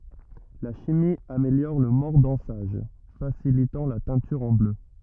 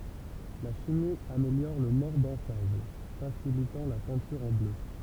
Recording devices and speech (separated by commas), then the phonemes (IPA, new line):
rigid in-ear microphone, temple vibration pickup, read sentence
la ʃimi ameljɔʁ lə mɔʁdɑ̃saʒ fasilitɑ̃ la tɛ̃tyʁ ɑ̃ blø